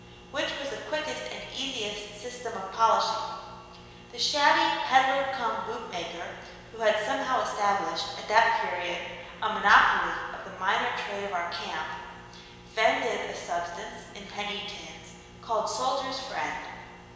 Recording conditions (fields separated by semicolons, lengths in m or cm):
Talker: one person; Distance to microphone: 1.7 m; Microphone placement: close; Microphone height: 1.0 m; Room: very reverberant, large; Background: none